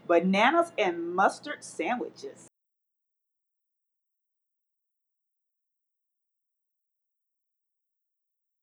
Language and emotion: English, happy